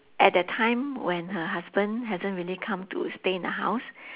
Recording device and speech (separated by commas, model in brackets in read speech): telephone, conversation in separate rooms